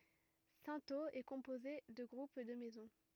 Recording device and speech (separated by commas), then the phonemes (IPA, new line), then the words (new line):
rigid in-ear microphone, read sentence
sɛ̃toz ɛ kɔ̃poze də ɡʁup də mɛzɔ̃
Cintheaux est composée de groupes de maisons.